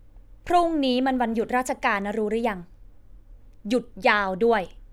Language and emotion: Thai, frustrated